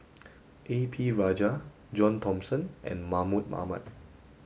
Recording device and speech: mobile phone (Samsung S8), read sentence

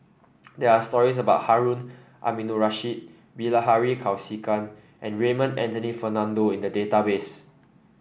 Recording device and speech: boundary microphone (BM630), read sentence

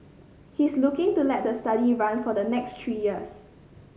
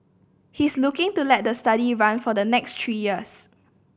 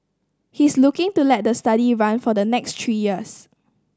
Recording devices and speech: mobile phone (Samsung C5010), boundary microphone (BM630), standing microphone (AKG C214), read sentence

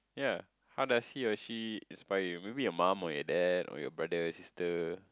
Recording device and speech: close-talking microphone, conversation in the same room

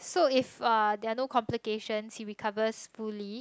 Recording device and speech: close-talking microphone, conversation in the same room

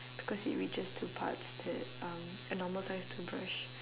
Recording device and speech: telephone, conversation in separate rooms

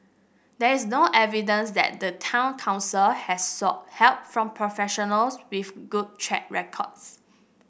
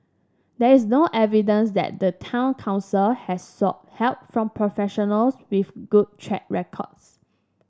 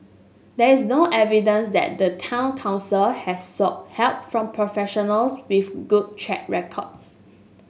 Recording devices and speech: boundary microphone (BM630), standing microphone (AKG C214), mobile phone (Samsung S8), read sentence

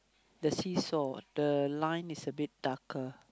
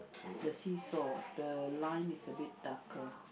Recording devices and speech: close-talking microphone, boundary microphone, conversation in the same room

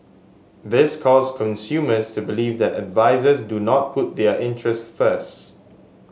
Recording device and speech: mobile phone (Samsung S8), read sentence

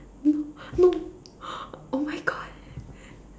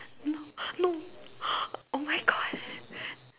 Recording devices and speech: standing microphone, telephone, conversation in separate rooms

